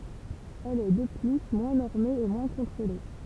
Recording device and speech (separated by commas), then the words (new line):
temple vibration pickup, read sentence
Elle est, de plus, moins normée et moins contrôlée.